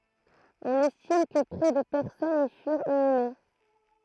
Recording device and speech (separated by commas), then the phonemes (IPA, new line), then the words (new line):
throat microphone, read sentence
ɔ̃n ɛstim kə pʁɛ də pɛʁsɔnz i fyʁt inyme
On estime que près de personnes y furent inhumées.